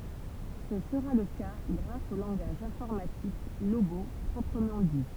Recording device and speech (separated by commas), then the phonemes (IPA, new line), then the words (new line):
temple vibration pickup, read sentence
sə səʁa lə ka ɡʁas o lɑ̃ɡaʒ ɛ̃fɔʁmatik loɡo pʁɔpʁəmɑ̃ di
Ce sera le cas grâce au langage informatique Logo proprement dit.